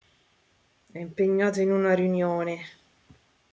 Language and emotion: Italian, disgusted